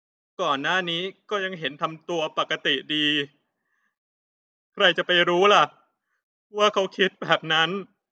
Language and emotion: Thai, sad